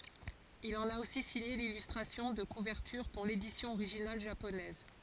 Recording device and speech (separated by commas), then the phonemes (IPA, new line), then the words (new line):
forehead accelerometer, read sentence
il ɑ̃n a osi siɲe lilystʁasjɔ̃ də kuvɛʁtyʁ puʁ ledisjɔ̃ oʁiʒinal ʒaponɛz
Il en a aussi signé l'illustration de couverture pour l'édition originale japonaise.